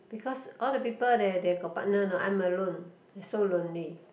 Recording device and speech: boundary microphone, conversation in the same room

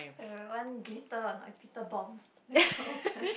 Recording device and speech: boundary microphone, conversation in the same room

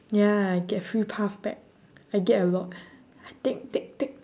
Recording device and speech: standing microphone, conversation in separate rooms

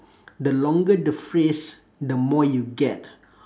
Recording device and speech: standing microphone, conversation in separate rooms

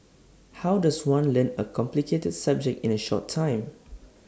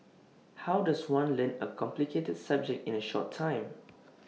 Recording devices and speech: standing microphone (AKG C214), mobile phone (iPhone 6), read sentence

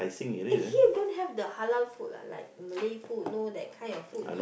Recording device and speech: boundary microphone, conversation in the same room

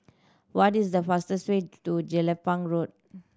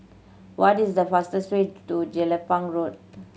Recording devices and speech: standing microphone (AKG C214), mobile phone (Samsung C7100), read sentence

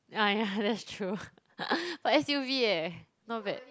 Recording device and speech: close-talking microphone, conversation in the same room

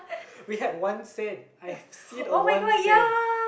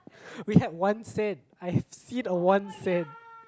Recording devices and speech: boundary microphone, close-talking microphone, conversation in the same room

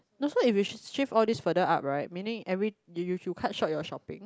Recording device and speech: close-talking microphone, conversation in the same room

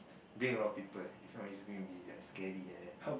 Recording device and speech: boundary microphone, conversation in the same room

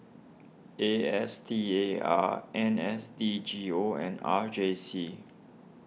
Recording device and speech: mobile phone (iPhone 6), read sentence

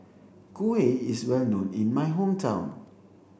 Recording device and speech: boundary microphone (BM630), read sentence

